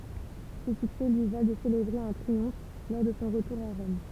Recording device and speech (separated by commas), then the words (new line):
temple vibration pickup, read sentence
Ces succès lui valent de célébrer un triomphe lors de son retour à Rome.